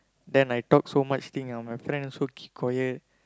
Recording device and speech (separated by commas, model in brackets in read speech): close-talking microphone, conversation in the same room